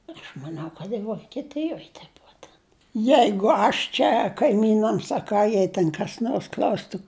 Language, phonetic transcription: Lithuanian, aš maˈniau kad ji vokieˈtijoj te ˈbua ten ˈjeigu ˈaš čia kaiˈmynams a ˈką ˈjei ten kas ˈnors ˈkl'austu

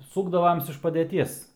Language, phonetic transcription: Lithuanian, ˈsūkdavoms iš padeˈties

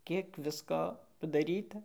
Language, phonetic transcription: Lithuanian, ˈkiek ˈvisko padaˈryta

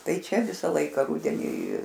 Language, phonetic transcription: Lithuanian, ˈtai ˈčia ˈvisą ˈlaiką ˈrudenį

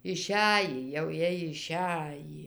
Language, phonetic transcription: Lithuanian, iˈšæjį jau ˈjiej iˈšæjį

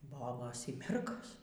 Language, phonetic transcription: Lithuanian, ˈbobos y ˈmergos

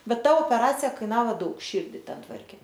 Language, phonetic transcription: Lithuanian, ˈbet ˈta opeˈracija ˈkainavo ˈdaug ˈšyrdi ˈten ˈtvarkė

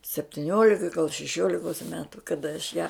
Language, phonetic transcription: Lithuanian, septiˈniolika gal šeˈšiolikos ˈmetu kaˈda aš ją

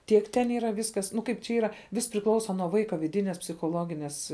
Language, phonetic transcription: Lithuanian, ˈtiek ten ˈyra ˈviskas ˈnu ˈkaip čia ˈyra ˈvis priˈklausa nuo ˈvaika viˈdinės psichoˈloginės

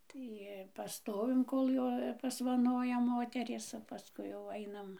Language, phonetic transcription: Lithuanian, ˈtai paˈstovim ˈkol jo pasvaˈnoja ˈmoterės o paˈskui jau ˈainam

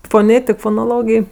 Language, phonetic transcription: Lithuanian, foˈnėtik fonoˈlogėj

